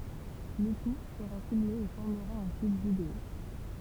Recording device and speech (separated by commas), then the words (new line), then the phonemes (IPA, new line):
temple vibration pickup, read sentence
Le tout sera filmé et formera un clip vidéo.
lə tu səʁa filme e fɔʁməʁa œ̃ klip video